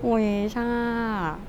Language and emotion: Thai, happy